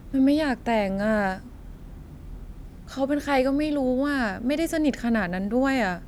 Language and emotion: Thai, frustrated